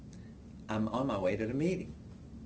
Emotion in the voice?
neutral